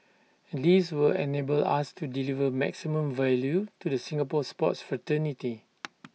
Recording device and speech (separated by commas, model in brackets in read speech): mobile phone (iPhone 6), read sentence